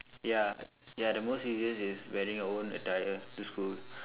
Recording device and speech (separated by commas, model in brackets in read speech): telephone, conversation in separate rooms